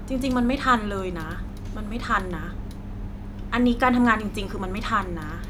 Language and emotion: Thai, frustrated